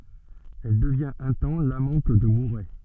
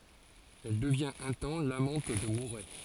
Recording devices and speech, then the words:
soft in-ear microphone, forehead accelerometer, read sentence
Elle devient un temps l'amante de Mouret.

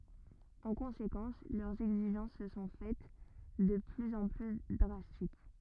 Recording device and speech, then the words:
rigid in-ear microphone, read sentence
En conséquence, leurs exigences se sont faites de plus en plus drastiques.

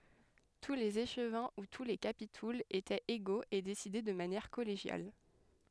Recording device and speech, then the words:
headset microphone, read sentence
Tous les échevins ou tous les capitouls étaient égaux et décidaient de manière collégiale.

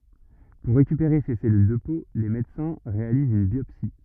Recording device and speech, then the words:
rigid in-ear microphone, read sentence
Pour récupérer ces cellules de peau, les médecins réalisent une biopsie.

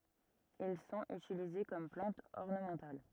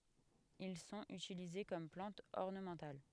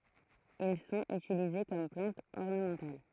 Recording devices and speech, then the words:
rigid in-ear microphone, headset microphone, throat microphone, read sentence
Ils sont utilisés comme plantes ornementales.

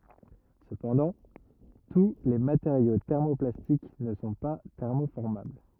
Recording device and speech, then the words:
rigid in-ear microphone, read sentence
Cependant, tous les matériaux thermoplastiques ne sont pas thermoformables.

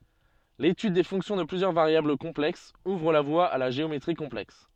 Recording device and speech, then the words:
soft in-ear microphone, read sentence
L'étude des fonctions de plusieurs variables complexes ouvre la voie à la géométrie complexe.

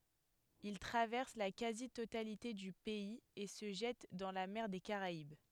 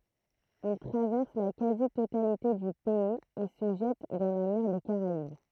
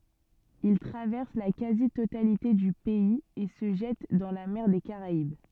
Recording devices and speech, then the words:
headset microphone, throat microphone, soft in-ear microphone, read sentence
Il traverse la quasi-totalité du pays et se jette dans la mer des Caraïbes.

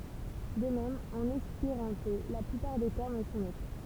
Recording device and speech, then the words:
temple vibration pickup, read sentence
De même en espéranto, la plupart des termes sont neutres.

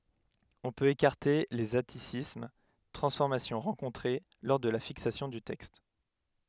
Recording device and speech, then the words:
headset microphone, read sentence
On peut écarter les atticismes, transformations rencontrées lors de la fixation du texte.

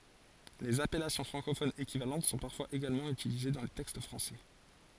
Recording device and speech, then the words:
forehead accelerometer, read sentence
Les appellations francophones équivalentes sont parfois également utilisées dans les textes français.

